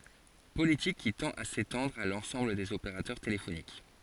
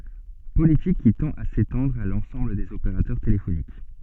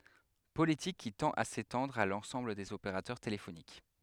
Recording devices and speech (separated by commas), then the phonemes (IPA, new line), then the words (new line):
forehead accelerometer, soft in-ear microphone, headset microphone, read sentence
politik ki tɑ̃t a setɑ̃dʁ a lɑ̃sɑ̃bl dez opeʁatœʁ telefonik
Politique qui tend à s'étendre à l'ensemble des opérateurs téléphoniques.